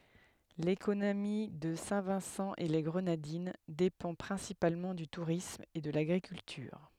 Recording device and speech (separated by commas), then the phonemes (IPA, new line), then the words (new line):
headset microphone, read sentence
lekonomi də sɛ̃ vɛ̃sɑ̃ e le ɡʁənadin depɑ̃ pʁɛ̃sipalmɑ̃ dy tuʁism e də laɡʁikyltyʁ
L'économie de Saint-Vincent-et-les-Grenadines dépend principalement du tourisme et de l'agriculture.